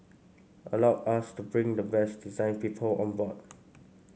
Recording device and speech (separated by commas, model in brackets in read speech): mobile phone (Samsung C5), read sentence